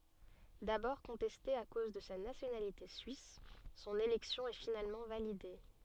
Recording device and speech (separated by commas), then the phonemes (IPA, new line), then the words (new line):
soft in-ear microphone, read sentence
dabɔʁ kɔ̃tɛste a koz də sa nasjonalite syis sɔ̃n elɛksjɔ̃ ɛ finalmɑ̃ valide
D'abord contestée à cause de sa nationalité suisse, son élection est finalement validée.